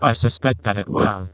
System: VC, vocoder